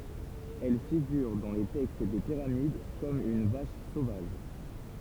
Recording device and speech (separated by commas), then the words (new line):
temple vibration pickup, read sentence
Elle figure dans les textes des pyramides comme une vache sauvage.